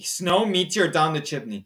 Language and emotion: English, disgusted